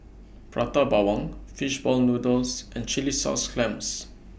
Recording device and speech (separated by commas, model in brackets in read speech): boundary microphone (BM630), read sentence